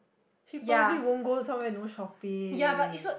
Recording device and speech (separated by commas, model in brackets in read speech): boundary microphone, conversation in the same room